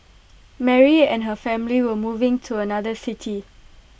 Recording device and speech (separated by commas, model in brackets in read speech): boundary microphone (BM630), read sentence